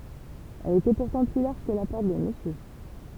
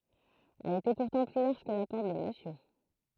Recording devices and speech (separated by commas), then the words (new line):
temple vibration pickup, throat microphone, read sentence
Elle était pourtant plus large que la Porte de Monsieur...